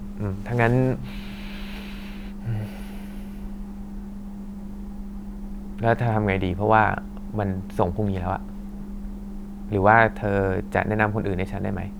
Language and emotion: Thai, frustrated